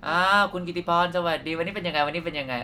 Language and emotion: Thai, neutral